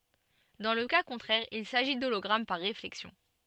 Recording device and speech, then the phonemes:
soft in-ear microphone, read sentence
dɑ̃ lə ka kɔ̃tʁɛʁ il saʒi dolɔɡʁam paʁ ʁeflɛksjɔ̃

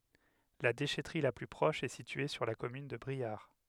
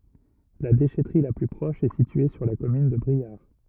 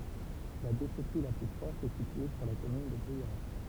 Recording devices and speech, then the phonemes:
headset microphone, rigid in-ear microphone, temple vibration pickup, read sentence
la deʃɛtʁi la ply pʁɔʃ ɛ sitye syʁ la kɔmyn də bʁiaʁ

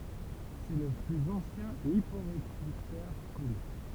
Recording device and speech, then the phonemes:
temple vibration pickup, read sentence
sɛ lə plyz ɑ̃sjɛ̃ lipoʁedyktœʁ kɔny

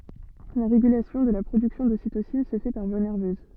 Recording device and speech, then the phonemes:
soft in-ear microphone, read sentence
la ʁeɡylasjɔ̃ də la pʁodyksjɔ̃ dositosin sə fɛ paʁ vwa nɛʁvøz

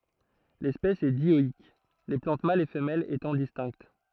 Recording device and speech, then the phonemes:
throat microphone, read sentence
lɛspɛs ɛ djɔik le plɑ̃t malz e fəmɛlz etɑ̃ distɛ̃kt

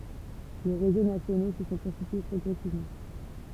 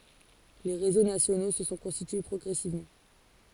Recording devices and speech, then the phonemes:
temple vibration pickup, forehead accelerometer, read sentence
le ʁezo nasjono sə sɔ̃ kɔ̃stitye pʁɔɡʁɛsivmɑ̃

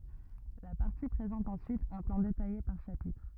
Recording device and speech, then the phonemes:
rigid in-ear microphone, read sentence
la paʁti pʁezɑ̃t ɑ̃syit œ̃ plɑ̃ detaje paʁ ʃapitʁ

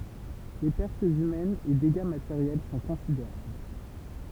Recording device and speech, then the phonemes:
temple vibration pickup, read sentence
le pɛʁtz ymɛnz e deɡa mateʁjɛl sɔ̃ kɔ̃sideʁabl

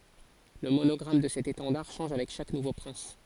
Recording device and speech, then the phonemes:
forehead accelerometer, read sentence
lə monɔɡʁam də sɛt etɑ̃daʁ ʃɑ̃ʒ avɛk ʃak nuvo pʁɛ̃s

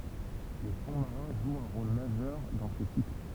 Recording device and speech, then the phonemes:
temple vibration pickup, read sentence
le fɔ̃ maʁɛ̃ ʒwt œ̃ ʁol maʒœʁ dɑ̃ se sikl

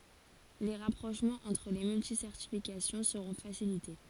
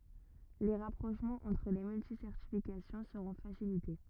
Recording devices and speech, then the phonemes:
forehead accelerometer, rigid in-ear microphone, read sentence
le ʁapʁoʃmɑ̃z ɑ̃tʁ le myltisɛʁtifikasjɔ̃ səʁɔ̃ fasilite

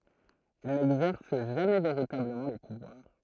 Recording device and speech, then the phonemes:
throat microphone, read sentence
il nɛɡzɛʁs ʒamɛ veʁitabləmɑ̃ lə puvwaʁ

